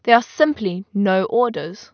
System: none